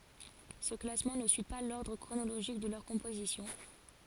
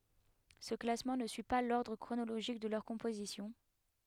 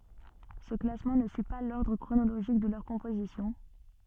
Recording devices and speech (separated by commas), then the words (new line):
forehead accelerometer, headset microphone, soft in-ear microphone, read sentence
Ce classement ne suit pas l'ordre chronologique de leur composition.